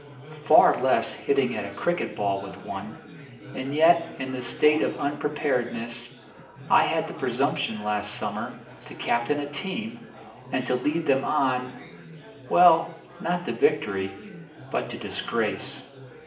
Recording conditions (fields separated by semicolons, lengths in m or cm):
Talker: one person; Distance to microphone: 1.8 m; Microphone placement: close; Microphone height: 1.0 m; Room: large; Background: babble